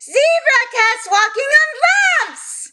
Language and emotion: English, surprised